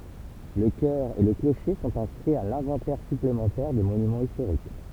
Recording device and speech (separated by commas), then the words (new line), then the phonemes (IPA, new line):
temple vibration pickup, read sentence
Le chœur et le clocher sont inscrits à l’Inventaire Supplémentaire des Monuments Historiques.
lə kœʁ e lə kloʃe sɔ̃t ɛ̃skʁiz a lɛ̃vɑ̃tɛʁ syplemɑ̃tɛʁ de monymɑ̃z istoʁik